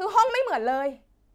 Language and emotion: Thai, angry